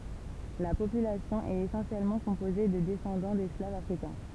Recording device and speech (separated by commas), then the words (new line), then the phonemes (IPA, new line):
temple vibration pickup, read sentence
La population est essentiellement composée de descendants d'esclaves africains.
la popylasjɔ̃ ɛt esɑ̃sjɛlmɑ̃ kɔ̃poze də dɛsɑ̃dɑ̃ dɛsklavz afʁikɛ̃